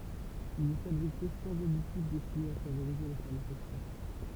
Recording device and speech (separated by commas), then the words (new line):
temple vibration pickup, read sentence
Il est fabriqué sans additif destiné à favoriser la fermentation.